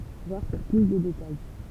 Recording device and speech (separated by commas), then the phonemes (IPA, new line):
temple vibration pickup, read sentence
vwaʁ puʁ ply də detaj